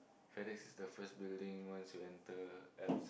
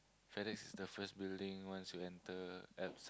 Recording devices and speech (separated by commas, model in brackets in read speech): boundary microphone, close-talking microphone, conversation in the same room